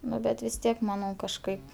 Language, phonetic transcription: Lithuanian, ˈnu bet vis ˈtiek maˈnau kažˈkaip

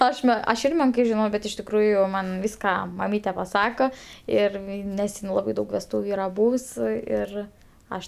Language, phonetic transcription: Lithuanian, ˈaš ˈme aš ˈir ˈmenkai žiˈnau bet iš tikˈrųju ˈman ˈvyska maˈmyte paˈsako ˈir ˈnes in ˈlabai ˈdaug vesˈtūviu ˈyra ˈbūvs ˈir ˈaš

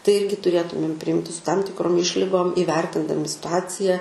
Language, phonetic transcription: Lithuanian, tai ˈirgi tuˈrėtumėm priˈjimti su tam tikˈrom ˈišligom ivertindami situˈacija

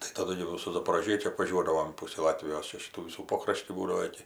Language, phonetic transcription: Lithuanian, tai taˈdu gi jau su zaporoˈžiečiu apvaˈžiuodavom ˈpusį ˈlatvijos ˈčiaˈšytų ˈvysų ˈpokraštį ˈbūdavo ˈiki

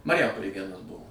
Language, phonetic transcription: Lithuanian, mariˈjampolėj ˈvienas ˈbuvo

